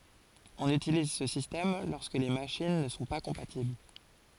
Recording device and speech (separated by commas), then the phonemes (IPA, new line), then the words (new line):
forehead accelerometer, read sentence
ɔ̃n ytiliz sə sistɛm lɔʁskə le maʃin nə sɔ̃ pa kɔ̃patibl
On utilise ce système lorsque les machines ne sont pas compatibles.